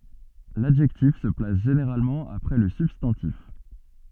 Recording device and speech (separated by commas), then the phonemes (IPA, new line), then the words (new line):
soft in-ear microphone, read sentence
ladʒɛktif sə plas ʒeneʁalmɑ̃ apʁɛ lə sybstɑ̃tif
L'adjectif se place généralement après le substantif.